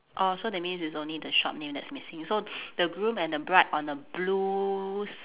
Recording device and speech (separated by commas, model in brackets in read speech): telephone, conversation in separate rooms